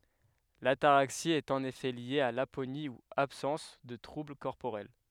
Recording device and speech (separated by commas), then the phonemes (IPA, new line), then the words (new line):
headset microphone, read sentence
lataʁaksi ɛt ɑ̃n efɛ lje a laponi u absɑ̃s də tʁubl kɔʁpoʁɛl
L'ataraxie est en effet liée à l'aponie ou absence de troubles corporels.